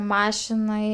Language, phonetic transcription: Lithuanian, ˈmašinai

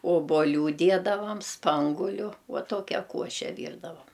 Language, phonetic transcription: Lithuanian, oboˈlių ˈdiedavam ˈspanguliu va ˈtuokia ˈkuoše ˈvyrdavam

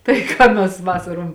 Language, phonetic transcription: Lithuanian, tai ˈką mes ˈvasarom

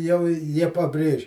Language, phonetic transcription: Lithuanian, jau i ˈjie paˈbrėž'

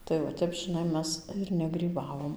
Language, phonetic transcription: Lithuanian, tai va ˈtep žiˈnai ˈmes ir negryˈbavom

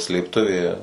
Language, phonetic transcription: Lithuanian, slėpˈtuvė

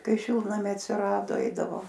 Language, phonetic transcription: Lithuanian, ˈkai ˈšiltnamiai atsiˈrado ˈeidavo

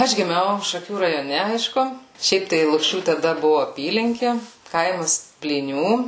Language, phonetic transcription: Lithuanian, ˈaš giˈmiau šaˈkių rajoˈne ˈaišku ˈšiaip tai lukˈšių taˈda ˈbuvu aˈpylinki ˈkaimas plyˈnių

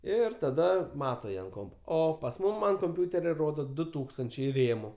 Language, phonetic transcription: Lithuanian, ˈir taˈda ˈmato ˈjie ant ˈkompo ˈo pas ˈmūm an komˈpiuteria ˈrodo ˈdu ˈtūkstančiai ˈrėmu

